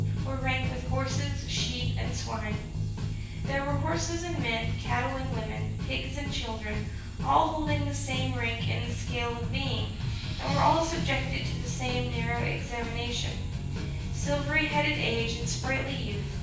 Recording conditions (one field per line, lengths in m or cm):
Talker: one person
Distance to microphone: 9.8 m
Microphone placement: far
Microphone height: 1.8 m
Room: large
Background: music